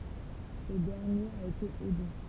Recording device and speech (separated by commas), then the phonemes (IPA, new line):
temple vibration pickup, read sentence
sə dɛʁnjeʁ a ete ely